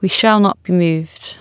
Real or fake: real